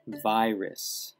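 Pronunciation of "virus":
'Virus' is pronounced correctly here.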